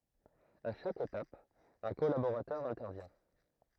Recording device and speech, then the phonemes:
throat microphone, read sentence
a ʃak etap œ̃ kɔlaboʁatœʁ ɛ̃tɛʁvjɛ̃

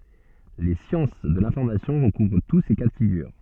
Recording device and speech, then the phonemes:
soft in-ear microphone, read sentence
le sjɑ̃s də lɛ̃fɔʁmasjɔ̃ ʁəkuvʁ tu se ka də fiɡyʁ

